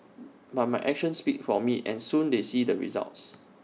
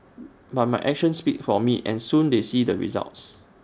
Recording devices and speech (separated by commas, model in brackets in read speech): mobile phone (iPhone 6), standing microphone (AKG C214), read sentence